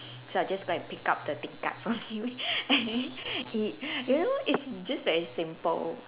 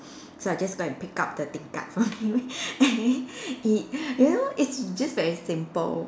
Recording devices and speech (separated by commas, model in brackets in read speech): telephone, standing microphone, conversation in separate rooms